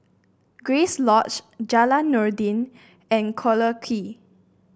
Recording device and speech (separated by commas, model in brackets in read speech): boundary microphone (BM630), read sentence